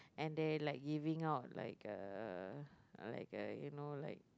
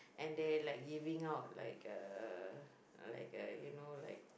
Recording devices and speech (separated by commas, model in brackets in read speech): close-talking microphone, boundary microphone, conversation in the same room